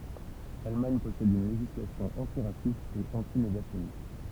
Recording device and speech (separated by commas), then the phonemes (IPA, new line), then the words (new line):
temple vibration pickup, read sentence
lalmaɲ pɔsɛd yn leʒislasjɔ̃ ɑ̃tiʁasist e ɑ̃tineɡasjɔnist
L'Allemagne possède une législation antiraciste et anti-négationniste.